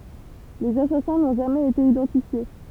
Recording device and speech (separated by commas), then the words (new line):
temple vibration pickup, read sentence
Les assassins n'ont jamais été identifiés.